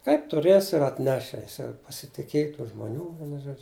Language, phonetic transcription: Lithuanian, kaip tuˈrėsi ir atˈneši ˈjis jau pasitiˈkėj tų žmoˈnių ˈvienu ˈžuodžiu

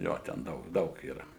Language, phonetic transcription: Lithuanian, ˈjo ten ˈdaug ˈdaug yˈra

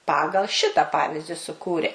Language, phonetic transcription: Lithuanian, ˈpagal ˈšita ˈpavizdi suˈkūrė

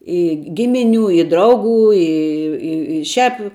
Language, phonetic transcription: Lithuanian, ˈi ˈgimiˌnių i ˈdraugų ˈi ˈi i šiāp

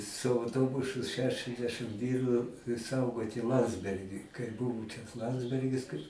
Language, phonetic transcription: Lithuanian, su auˈtobusu šešiasˈdešɨm ˈvyru ˈsaugoti ˈlandsbergį kai ˈbuvu čia ˈlandsbergis kai

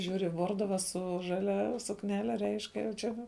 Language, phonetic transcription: Lithuanian, ˈžiūri ˈvorduva su žaˈlia sukˈnele reišk jau ˈčia

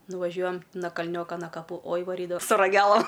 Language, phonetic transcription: Lithuanian, nuvaˈžiuojam na kalˈnioka na kaˈpų oj vaˈrydava su raˈgelam

